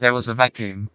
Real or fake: fake